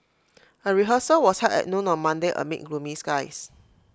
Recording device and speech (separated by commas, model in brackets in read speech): close-talking microphone (WH20), read sentence